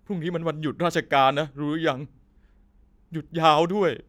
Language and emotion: Thai, sad